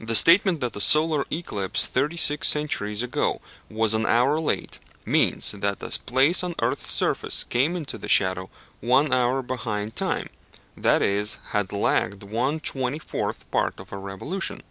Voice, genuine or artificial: genuine